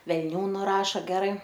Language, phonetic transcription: Lithuanian, velˈnių nuˈraša ˈgerai

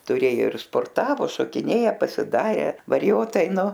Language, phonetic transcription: Lithuanian, tuˈrėjo ir sporˈtavo šokiˈnėja pasiˈdare variˈjotai ˈnu

